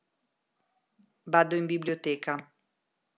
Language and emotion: Italian, neutral